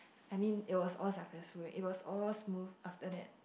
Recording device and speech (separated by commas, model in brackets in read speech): boundary microphone, conversation in the same room